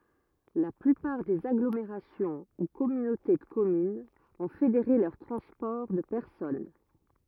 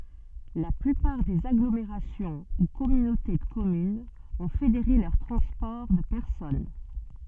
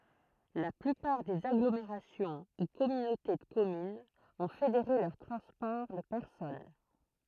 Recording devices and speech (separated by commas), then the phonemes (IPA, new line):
rigid in-ear microphone, soft in-ear microphone, throat microphone, read sentence
la plypaʁ dez aɡlomeʁasjɔ̃ u kɔmynote də kɔmynz ɔ̃ fedeʁe lœʁ tʁɑ̃spɔʁ də pɛʁsɔn